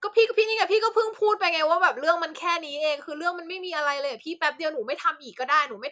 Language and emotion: Thai, angry